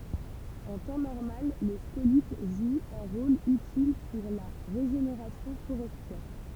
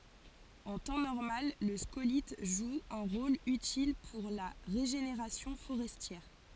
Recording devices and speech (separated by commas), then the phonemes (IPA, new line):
temple vibration pickup, forehead accelerometer, read sentence
ɑ̃ tɑ̃ nɔʁmal lə skolit ʒu œ̃ ʁol ytil puʁ la ʁeʒeneʁasjɔ̃ foʁɛstjɛʁ